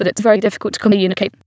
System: TTS, waveform concatenation